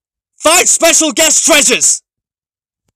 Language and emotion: English, neutral